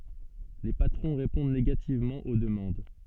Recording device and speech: soft in-ear microphone, read sentence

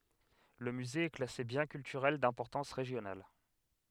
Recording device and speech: headset microphone, read sentence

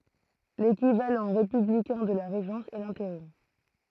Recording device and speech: throat microphone, read sentence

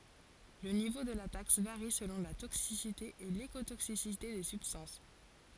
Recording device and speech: forehead accelerometer, read sentence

